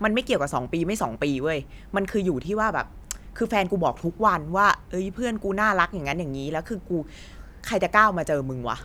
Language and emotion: Thai, frustrated